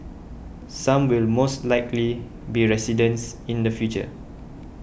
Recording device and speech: boundary microphone (BM630), read sentence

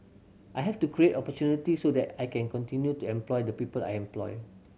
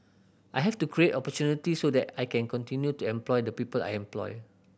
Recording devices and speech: mobile phone (Samsung C7100), boundary microphone (BM630), read sentence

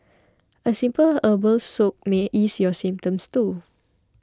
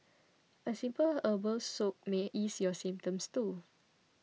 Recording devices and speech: close-talking microphone (WH20), mobile phone (iPhone 6), read sentence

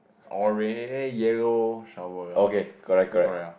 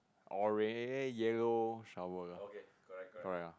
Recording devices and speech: boundary microphone, close-talking microphone, conversation in the same room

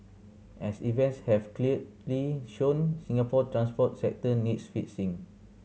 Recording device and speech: mobile phone (Samsung C7100), read sentence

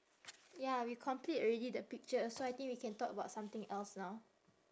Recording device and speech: standing microphone, conversation in separate rooms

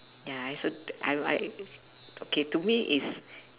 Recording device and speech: telephone, conversation in separate rooms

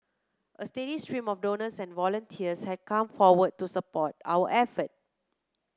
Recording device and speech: close-talking microphone (WH30), read sentence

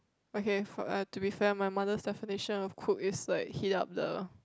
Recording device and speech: close-talking microphone, conversation in the same room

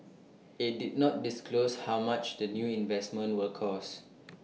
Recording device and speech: mobile phone (iPhone 6), read sentence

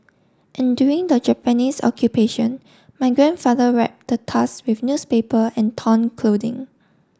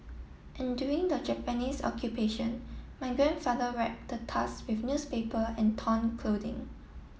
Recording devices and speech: standing microphone (AKG C214), mobile phone (iPhone 7), read sentence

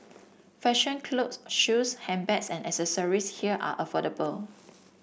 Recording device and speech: boundary microphone (BM630), read sentence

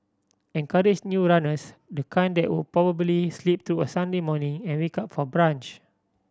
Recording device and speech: standing microphone (AKG C214), read sentence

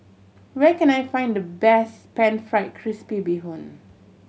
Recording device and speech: mobile phone (Samsung C7100), read sentence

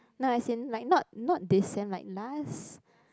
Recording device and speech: close-talking microphone, conversation in the same room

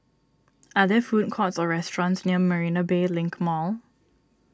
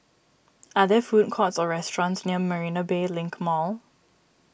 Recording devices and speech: standing microphone (AKG C214), boundary microphone (BM630), read sentence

